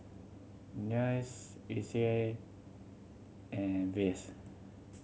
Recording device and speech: mobile phone (Samsung C7100), read sentence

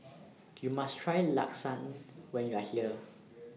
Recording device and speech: mobile phone (iPhone 6), read sentence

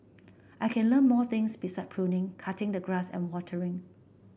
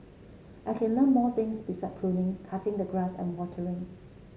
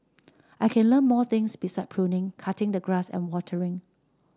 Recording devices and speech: boundary microphone (BM630), mobile phone (Samsung C7), standing microphone (AKG C214), read sentence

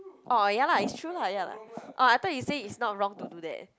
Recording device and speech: close-talking microphone, conversation in the same room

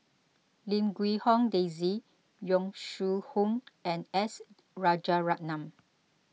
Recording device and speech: mobile phone (iPhone 6), read sentence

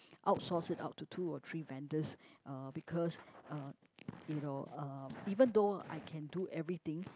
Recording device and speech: close-talking microphone, conversation in the same room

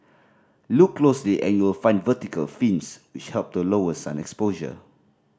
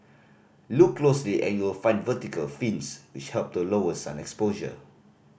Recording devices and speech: standing microphone (AKG C214), boundary microphone (BM630), read sentence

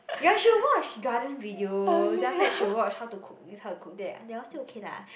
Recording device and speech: boundary microphone, conversation in the same room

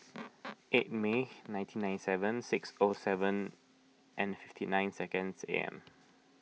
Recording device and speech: mobile phone (iPhone 6), read sentence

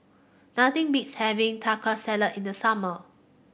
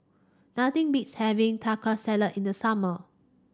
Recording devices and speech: boundary microphone (BM630), standing microphone (AKG C214), read sentence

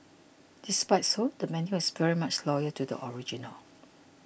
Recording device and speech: boundary microphone (BM630), read sentence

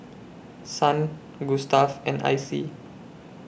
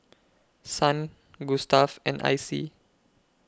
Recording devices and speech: boundary microphone (BM630), close-talking microphone (WH20), read sentence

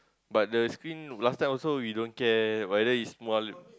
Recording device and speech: close-talking microphone, conversation in the same room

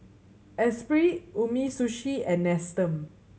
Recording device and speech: mobile phone (Samsung C7100), read sentence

